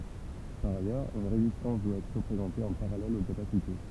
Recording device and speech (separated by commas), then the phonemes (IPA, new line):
temple vibration pickup, read sentence
paʁ ajœʁz yn ʁezistɑ̃s dwa ɛtʁ ʁəpʁezɑ̃te ɑ̃ paʁalɛl o kapasite